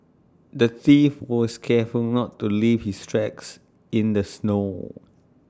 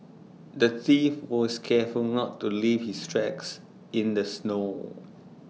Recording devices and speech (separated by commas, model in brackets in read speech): standing microphone (AKG C214), mobile phone (iPhone 6), read sentence